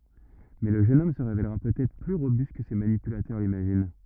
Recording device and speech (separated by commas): rigid in-ear microphone, read sentence